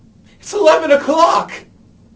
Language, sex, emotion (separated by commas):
English, male, fearful